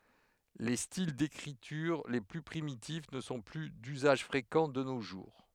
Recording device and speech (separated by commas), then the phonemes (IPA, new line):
headset microphone, read sentence
le stil dekʁityʁ le ply pʁimitif nə sɔ̃ ply dyzaʒ fʁekɑ̃ də no ʒuʁ